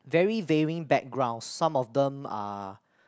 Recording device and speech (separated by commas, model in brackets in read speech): close-talking microphone, conversation in the same room